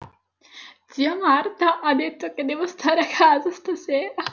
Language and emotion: Italian, sad